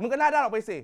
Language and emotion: Thai, angry